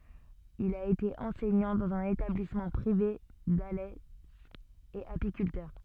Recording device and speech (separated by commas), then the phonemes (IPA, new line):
soft in-ear microphone, read sentence
il a ete ɑ̃sɛɲɑ̃ dɑ̃z œ̃n etablismɑ̃ pʁive dalɛ e apikyltœʁ